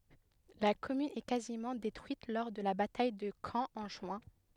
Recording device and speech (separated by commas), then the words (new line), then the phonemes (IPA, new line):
headset microphone, read sentence
La commune est quasiment détruite lors de la bataille de Caen en juin-.
la kɔmyn ɛ kazimɑ̃ detʁyit lɔʁ də la bataj də kɑ̃ ɑ̃ ʒyɛ̃